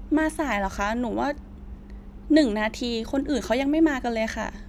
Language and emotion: Thai, frustrated